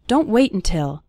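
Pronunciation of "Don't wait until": The first syllable of 'until' is barely pronounced, so 'wait' runs almost straight into the end of 'until'.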